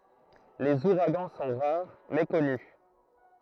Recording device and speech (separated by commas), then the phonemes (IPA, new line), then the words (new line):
throat microphone, read sentence
lez uʁaɡɑ̃ sɔ̃ ʁaʁ mɛ kɔny
Les ouragans sont rares, mais connus.